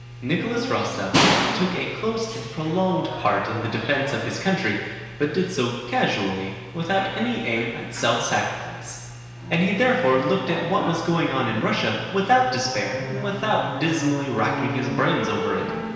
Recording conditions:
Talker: one person; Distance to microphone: 1.7 m; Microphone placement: close; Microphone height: 1.0 m; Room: very reverberant, large; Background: television

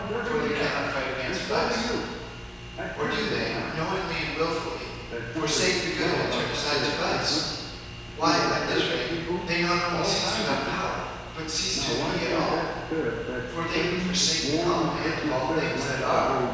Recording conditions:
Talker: one person; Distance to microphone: 7.1 m; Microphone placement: far; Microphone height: 1.7 m; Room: very reverberant, large; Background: television

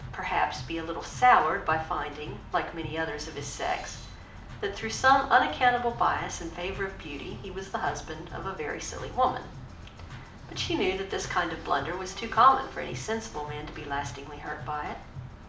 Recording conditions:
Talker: one person; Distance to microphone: 2.0 m; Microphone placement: close; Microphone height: 99 cm; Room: medium-sized (5.7 m by 4.0 m); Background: music

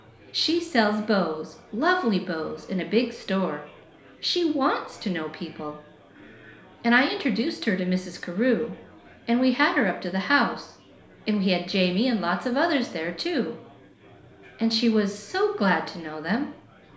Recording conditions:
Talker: one person; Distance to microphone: 1.0 m; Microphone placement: close; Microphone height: 1.1 m; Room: small (3.7 m by 2.7 m); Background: babble

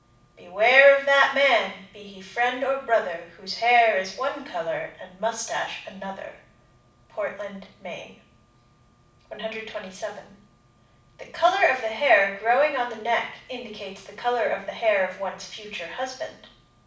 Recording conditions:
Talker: one person; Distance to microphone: 5.8 m; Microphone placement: far; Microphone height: 1.8 m; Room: medium-sized (5.7 m by 4.0 m); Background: none

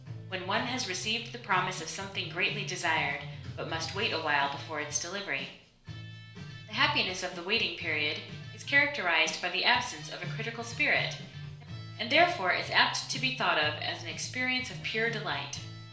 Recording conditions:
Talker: one person; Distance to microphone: 1.0 m; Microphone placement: close; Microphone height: 1.1 m; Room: small (3.7 m by 2.7 m); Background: music

